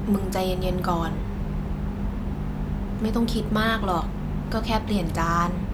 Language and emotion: Thai, sad